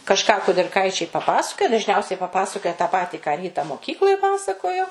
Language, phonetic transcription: Lithuanian, kažˈką kudirˈkaičiai paˈpasakoja dažˈniausiai paˈpasakoja tą ˈpatį ką ˈryta moˈkykloj ˈpasakojo

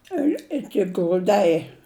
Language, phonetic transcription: Lithuanian, ir ˈiki gruˈdai

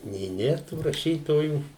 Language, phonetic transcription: Lithuanian, nė ˈnėr tų raˈšytojų

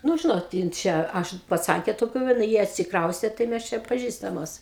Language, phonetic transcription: Lithuanian, ˈnu ˈžinot ˈjin ˈčia ˈaš paˈcankė toˈkių va na ˈjie atsikˈraustė tai ˈmes ˈčia paˈžįstamos

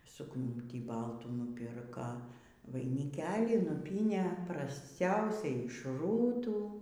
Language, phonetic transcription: Lithuanian, sūkˈnūtį ˈbaltų nuˈpirka vainiˈkelį nuˈpynė prasˈciausiai iš ˈrūtų

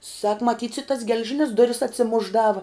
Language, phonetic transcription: Lithuanian, sak maˈtyts i tas gel'ˈžinis ˈduris atsiˈmušˌdava

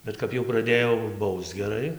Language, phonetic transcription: Lithuanian, ˈbet kap jau praˈdėjo ˈbausc geˈrai

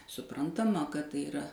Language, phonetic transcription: Lithuanian, suˈprantama kad ˈtai iˈra

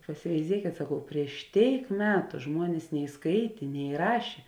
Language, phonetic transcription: Lithuanian, pasiveiˈziekėt saˈkau prieš ˈtėik ˈmetu ˈžmuonės nei ˈskaitė ne ˈrašė

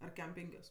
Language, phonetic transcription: Lithuanian, ar ˈkem ˈpenkios

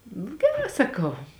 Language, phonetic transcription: Lithuanian, geˈrā saˈkau

